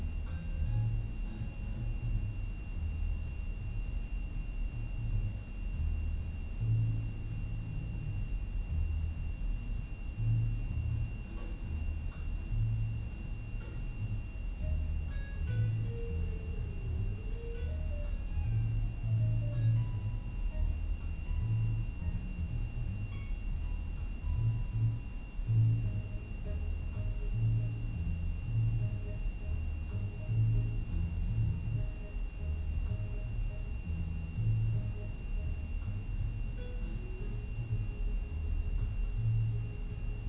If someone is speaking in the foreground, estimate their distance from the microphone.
No main talker.